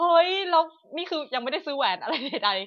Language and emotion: Thai, happy